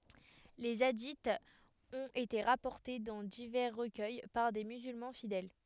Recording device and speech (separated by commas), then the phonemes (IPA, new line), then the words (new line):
headset microphone, read sentence
le adiz ɔ̃t ete ʁapɔʁte dɑ̃ divɛʁ ʁəkœj paʁ de myzylmɑ̃ fidɛl
Les hadiths ont été rapportés dans divers recueils par des musulmans fidèles.